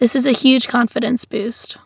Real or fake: real